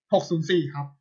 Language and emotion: Thai, neutral